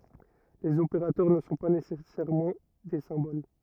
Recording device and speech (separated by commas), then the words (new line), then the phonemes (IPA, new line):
rigid in-ear microphone, read sentence
Les opérateurs ne sont pas nécessairement des symboles.
lez opeʁatœʁ nə sɔ̃ pa nesɛsɛʁmɑ̃ de sɛ̃bol